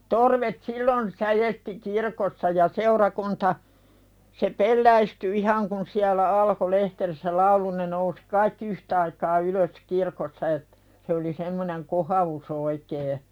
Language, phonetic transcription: Finnish, torvet sillon , 'säjesti "kirkossa ja 'seurakunta , se "pelläisty ihaŋ kun siälä "alko lehterissä 'laulu ne nousɪ kaikki "yhtaikaa ylös 'kirkossa ettᴀ̈ , se oli semmoneŋ "koha₍us oikee .
- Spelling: torvet silloin säesti kirkossa ja seurakunta se pelästyi ihan kun siellä alkoi lehterissä laulu ne nousi kaikki yhtaikaa ylös kirkossa että se oli semmoinen kohaus oikein

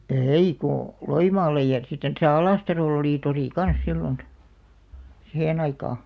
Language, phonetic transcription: Finnish, ei ko , "Loimaallej ja , sitten täsä "Alàstaròl ‿olì 'torì "kans 'sillon , "sihe'n ‿aikà .
- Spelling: ei kun Loimaalle ja sitten tässä Alastarolla oli tori kanssa silloin siihen aikaan

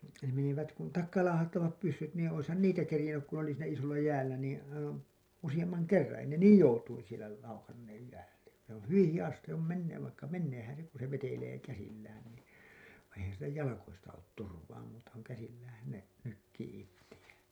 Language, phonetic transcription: Finnish, ne menivät kun , 'takkaalaahattavap pyssyt niin oishan 'niitä kerĭjennyk ku n ‿oli siinä isolla 'jäällä niiḭ , aivaa̰ , 'usiʲammaŋ "kerraa̰ ei ne "niij joutuin̬ sielä , laukanneej jäätä , se ‿oo̰ "hyviḭ 'hijas sⁱtte s ‿òm 'menneev vaikka 'menneehän̬ se ku se vetelee käsillään ni , vaiḭ eihän̬ sillä 'jalakoista 'oot 'turvaa muuta kuŋ 'käsilläähän ne , nykkii 'ittijään̬ .
- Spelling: ne menivät kun takaalaahattavat pyssyt niin olisihan niitä kerinnyt kun ne oli siinä isolla jäällä niin aivan useamman kerran ei ne niin joutuin siellä laukanneet jäätä se on hyvin hidas sitten se on menneet vaikka meneehän se kun se vetelee käsillään niin vaan eihän sillä jaloista ole turvaa muuta kuin käsilläänhän ne nykii itseään

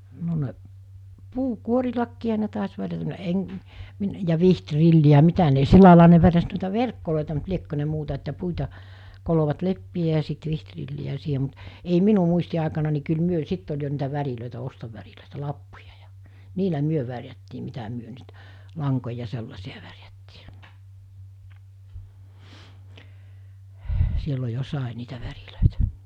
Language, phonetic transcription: Finnish, no ne , 'puu'kuorilakkiiɦa ne tàes värjätä (no) 'e- , mi- , ja 'viht'rilli₍ä ( ‿a) 'mitä ne 'sillàilaa ne värjäs nòita 'verkkolòita mut 'liekkö ne 'muuta että 'puita , 'kolovat 'leppi₍ä ja sit 'vihtrilli₍ä siihe mut , ei 'minu muisti₍àekana ni kyl 'myö "sitt ‿oĺ jo niitä 'värilö̀itä 'ostovärilö̀itä 'lappujᴀ ᴊᴀ , 'niilä 'myö värjättii mitä 'myö nyt , 'laŋkoja 'sellasi₍a värjättii , 'sillo jo 'sàe niitä 'värilö̀itᴀ̈ .
- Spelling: no ne puunkuorillakin ne taisi värjätä no - - ja vihtrilliä ja mitä ne sillä laillahan ne värjäsi noita verkkoja mutta liekö ne muuta että puita kolosivat leppiä ja sitten vihtrilliä siihen mutta ei minun muistiaikana niin kyllä me sitten oli jo niitä värejä ostovärejä lappuja ja niillä me värjättiin mitä me nyt lankoja sellaisia värjättiin silloin jo sai niitä värejä

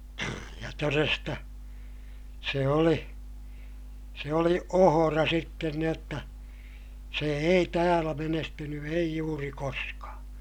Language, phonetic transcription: Finnish, ja toresta , se oli , se oli ohora sitten ni ‿otta , se ei täälä menestyny ei juuri koska .
- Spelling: ja todesta se oli se oli ohra sitten niin jotta se ei täällä menestynyt ei juuri koska

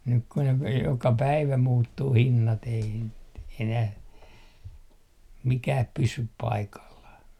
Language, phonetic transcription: Finnish, nyk ku ne v- , 'joka "päivä 'muuttuu "hinnat ei n- , enäh , 'mikääp 'pysyp "paikallah .
- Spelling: nyt kun ne - joka päivä muuttuu hinnat ei - enää mikään pysy paikallaan

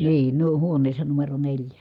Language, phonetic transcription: Finnish, niin , huoǹeessa numero neĺjä .
- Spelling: niin huoneessa numero neljä

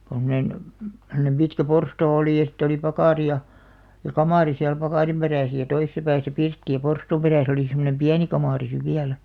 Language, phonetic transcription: Finnish, (tom)monen , semᵒnem pitkä "porstoo 'olì ja sitte oli 'pakàri ja , ja "kamàri siäl 'pakàrim 'peräsᵃ̈ ja "toisᵉsa pääsä 'pirtti ja 'porstuum perä̀s ‿oli semonem "piäni 'kamàri siv 'viälᴀ̈ .
- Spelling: tuommoinen semmoinen pitkä porstua oli ja sitten oli pakari ja ja kamari siellä pakarin perässä ja toisessa päässä pirtti ja porstuan perässä oli semmoinen pieni kamari sitten vielä

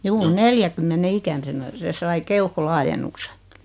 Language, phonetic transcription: Finnish, 'juu "neljäkymmene 'ikän̳senä 'se sai 'keuhko-'laajennukse .
- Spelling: juu neljänkymmenen ikäisenä se sai keuhkolaajennuksen

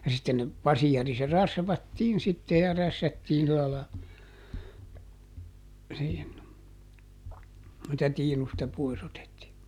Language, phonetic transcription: Finnish, ja sitten ne , ˈpasiari se "rasvattiin sitte ja ˈrässättiin sila la , (siin) , [sii]tä ˈtiinusta ˈpois ‿otettii .
- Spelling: ja sitten ne paseri se rasvattiin sitten ja rässättiin sillä lailla siinä siitä tiinusta pois otettiin

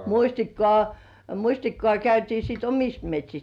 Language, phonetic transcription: Finnish, muśtikkŏ§à , "muśtikkŏ§à käytii sit ‿"omist 'met́śist .
- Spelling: mustikkaa mustikkaa käytiin sitten omista metsistä

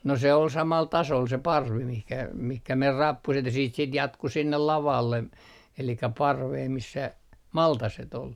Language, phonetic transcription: Finnish, no se ol 'samal "tasol se "parvi mihkä , mihkä mer 'rappuset ja siit sit 'jatku 'sinnel "lavalle , 'elikä "parvee 'missä , "maltaset ol .
- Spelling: no se oli samalla tasolla se parvi mihin mihin meni rappuset ja siitä sitten jatkui sinne lavalle eli parveen missä maltaset oli

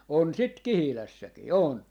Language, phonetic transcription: Finnish, 'on sit "Kihilässäki , 'on .
- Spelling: on sitten Kihilässäkin on

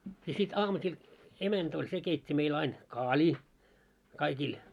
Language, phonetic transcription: Finnish, ja sit 'aamusil , 'emänt ‿oĺ se 'keit́t́i meil ain , "kaaĺii , 'kaikil .
- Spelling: ja sitten aamusilla emäntä oli se keitti meillä aina kaalia kaikille

